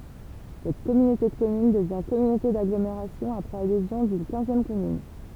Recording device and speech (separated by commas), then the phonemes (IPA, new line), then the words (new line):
temple vibration pickup, read sentence
sɛt kɔmynote də kɔmyn dəvjɛ̃ kɔmynote daɡlomeʁasjɔ̃ apʁɛz adezjɔ̃ dyn kɛ̃zjɛm kɔmyn
Cette communauté de communes devient communauté d'agglomération après adhésion d'une quinzième commune.